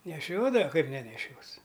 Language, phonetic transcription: Lithuanian, neˈšiodava ˈkaip neneˈšios

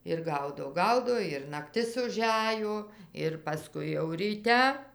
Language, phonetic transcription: Lithuanian, ir ˈgaudo ˈgaudo ir nakˈtis uˈžæjo ir paˈskui jau ryˈte

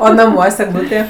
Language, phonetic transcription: Lithuanian, o naˈmuos' egˈlūtė

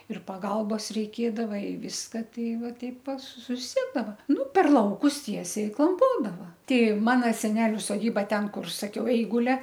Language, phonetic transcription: Lithuanian, ir paˈgalbos reiˈkėdava i ˈviska ˈtei ˈva ˈtaip pa suˈsiedava ˈnu per ˈlaukus ˈtiesiai i klamˈpodava ˈtei ˈmano seˈneliu soˈdyba ˈten ˈkur saˈkiau ˈeigulia

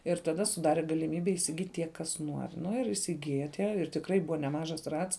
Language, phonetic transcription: Lithuanian, ir taˈda suˈdare galiˈmybe įsiˈgyt' tie ˈkas ˈnuor' ˈnu ir įsiˈgija ˈtie ir tikˈrai ˈbuva neˈmažas ˈrats

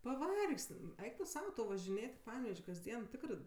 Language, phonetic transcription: Lithuanian, paˈvargs't' m ˈeik tu ˈsau važiˈnėt' i ˈpanevež' kasˈdien ˈtikrɜ

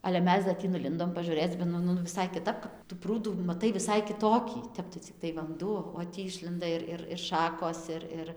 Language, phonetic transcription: Lithuanian, ale ˈmes da ˈtį nuˈlindom pažuˈrėc ba ˈnu nu viˈsai kiˈtap kap ˈtu ˈprūdų maˈtai viˈsai kiˈtokį ˈtep tai cikˈtai vanˈduo o ˈtį ˈišlenda ir ˈir ir ˈšakos ˈir ˈir

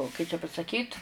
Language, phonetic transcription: Lithuanian, kai čia pasaˈkyt

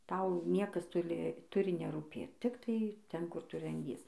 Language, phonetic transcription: Lithuanian, ˈtau ˈniekas ˈtuli ˈturi nerūˈpėt ˈtiktai ˈten ˈkur ˈtu ranˈdies

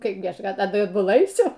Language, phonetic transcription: Lithuanian, ˈkaipgi ˈaš ˈatbuˈla aiˈsiu

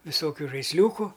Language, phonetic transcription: Lithuanian, viˈsokiu žaisˈliūku

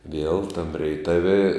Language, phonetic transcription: Lithuanian, viel tam reiˈtavi

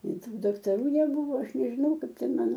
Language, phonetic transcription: Lithuanian, i ˈtų daktaˈrų neˈbūvo ˈaš nežiˈnau ˈkaip ˈten ˈmano

